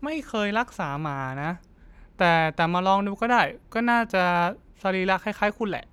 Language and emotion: Thai, neutral